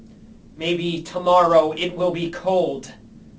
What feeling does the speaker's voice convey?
neutral